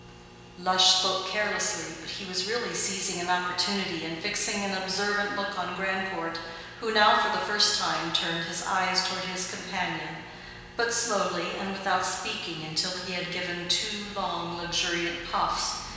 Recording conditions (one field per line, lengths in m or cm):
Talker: one person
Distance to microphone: 1.7 m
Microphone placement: close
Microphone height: 1.0 m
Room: very reverberant, large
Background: none